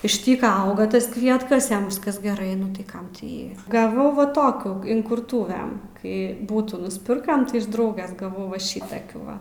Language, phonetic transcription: Lithuanian, iš ˈtyka ˈauga ˈtas ˈkvietkas ˈjam ˈviskas geˈrai nu ˈtai ˈkam ti ˈjį gaˈvau va ˈtokių inkurˈtuvem kai ˈbūtų nusˈpirkam tai iš ˈdrauges gaˈvau ˈva ˈšitakių ˈva

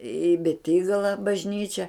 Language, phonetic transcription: Lithuanian, i beˈtygala bažˈnyčia

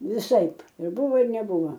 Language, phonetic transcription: Lithuanian, viˈsaip ir ˈbuvo ir neˈbuva

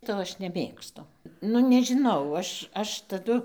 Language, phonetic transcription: Lithuanian, ˈto aš neˈmėgstu ˈnu nežiˈnau ˈaš ˈaš taˈdu

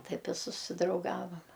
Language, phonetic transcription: Lithuanian, ˈtaip i susidrauˈgavam

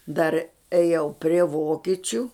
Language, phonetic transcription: Lithuanian, dar eˈjau prie ˈvokičiu

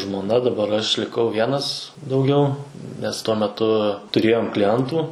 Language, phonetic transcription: Lithuanian, žmoˈna daˈbar aš liˈkau ˈvienas dauˈgiau nes ˈtuo meˈtu tuˈrėjom kliˈentų

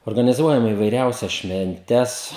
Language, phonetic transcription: Lithuanian, organiˈzuojam įvaiˈriausias švenˈtes

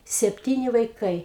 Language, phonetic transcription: Lithuanian, sepˈtyni vaiˈkai

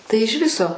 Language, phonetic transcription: Lithuanian, ˈtai iž ˈviso

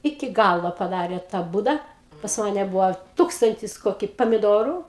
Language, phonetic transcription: Lithuanian, ˈiki ˈgalo paˈdarė ta ˈbūda pas ˈmane ˈbuvo ˈtūkstantis ˈkoki pamiˈdoru

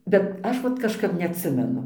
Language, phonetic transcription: Lithuanian, bet ˈaš vat kažˈkap neatˈsimenu

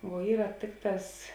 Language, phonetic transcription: Lithuanian, vuo ˈyra ˈtėkˌtās

